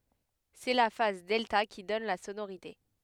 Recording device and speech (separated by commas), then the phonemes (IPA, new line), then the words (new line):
headset microphone, read sentence
sɛ la faz dɛlta ki dɔn la sonoʁite
C'est la phase delta qui donne la sonorité.